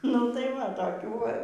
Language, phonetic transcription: Lithuanian, nu taiˈ va toˈkių ˈva

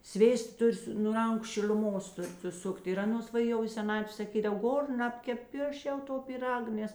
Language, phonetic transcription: Lithuanian, ˈsvėsta ˈtur' su nu ˈranku šil'uˈmos ˈtur' suˈsukt' ir ˈaˌnos va ˈjau i seˈnatvė saˈkydav ˈgor ˈnabkep i ˈaš jau ˈto pyˈrag ˈnes

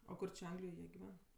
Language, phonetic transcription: Lithuanian, o ˈkur či ˈanglijoj ˈjie giˈven

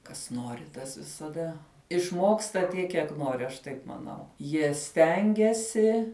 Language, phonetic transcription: Lithuanian, kas ˈnori tas visaˈda išˈmoksta ˈtiek kiek ˈnori aš ˈtaip maˈnau jie ˈstengiasi

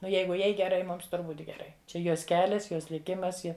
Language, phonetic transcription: Lithuanian, ˈnu ˈjeigu ˈjai geˈrai ˈmums ˈtur ˈbūt' geˈrai ˈčia ˈjos ˈkelias ˈjos liˈkimas ˈji

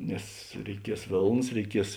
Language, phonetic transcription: Lithuanian, ˈnes reiˈkies ˈvėlnas reiˈkies

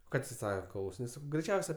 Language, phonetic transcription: Lithuanian, ˈka tė ˈsaka klausiˈnės ˈsakau greiˈčiausia

